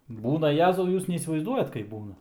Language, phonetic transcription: Lithuanian, ˈbūna ˈjezau ˈjūs neįsivaizˈduojat kaip ˈbūna

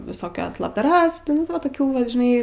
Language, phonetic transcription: Lithuanian, visoˈkias labdaˈras nu ˈva toˈkių vat žiˈnai

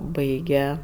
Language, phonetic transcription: Lithuanian, ˈbaige

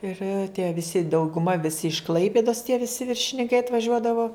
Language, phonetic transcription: Lithuanian, ir tie viˈsi dauguˈma viˈsi iš ˈklaipidos tie viˈsi viršininˈkai atvaˈžiuodavo

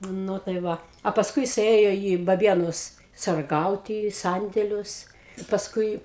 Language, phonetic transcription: Lithuanian, ˈnu tai ˈva a pasˈkui jiˈsai ˈėjo į baˈbienus sarˈgauti į ˈsandėlius i pasˈkui

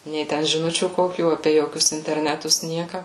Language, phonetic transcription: Lithuanian, nei ˈten žiˈnučių ˈkokių ˈapė ˈjokius interˈnetus ˈnieka

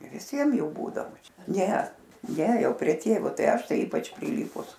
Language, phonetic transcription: Lithuanian, viˈsiem ˈjų ˈbūdavo ˈčia ˈne ˈne ˈjau prie ˈtėvo ˈtai ˈaš ˈtai ˈypač priˈlypus

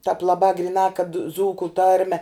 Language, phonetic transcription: Lithuanian, tāp laˈbā griˈnā kad ˈdzūku ˈtarme

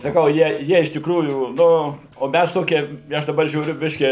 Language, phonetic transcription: Lithuanian, saˈkau ˈjie ˈjie iš tikˈrųjų ˈ nu o ˈmæs ˈtokie i ˈaš daˈbar žiūˈriu ˈbiškį

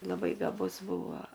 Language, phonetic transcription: Lithuanian, laˈbai gaˈbus ˈbūvo

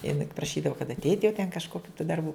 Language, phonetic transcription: Lithuanian, jiˈnai papraˈšydavu kad atˈeit' jau ten kažkoˈkių tų darˈbų

